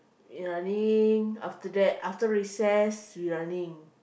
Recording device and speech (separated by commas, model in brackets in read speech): boundary microphone, conversation in the same room